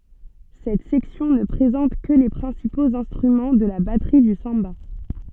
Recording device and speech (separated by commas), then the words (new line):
soft in-ear microphone, read sentence
Cette section ne présente que les principaux instruments de la batterie du samba.